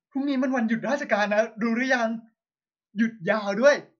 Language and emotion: Thai, happy